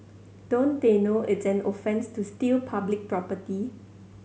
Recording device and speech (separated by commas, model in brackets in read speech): mobile phone (Samsung C7100), read sentence